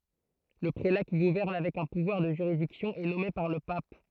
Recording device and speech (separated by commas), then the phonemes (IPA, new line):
throat microphone, read sentence
lə pʁela ki ɡuvɛʁn avɛk œ̃ puvwaʁ də ʒyʁidiksjɔ̃ ɛ nɔme paʁ lə pap